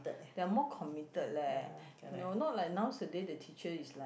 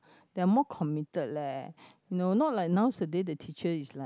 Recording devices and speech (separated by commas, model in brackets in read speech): boundary microphone, close-talking microphone, conversation in the same room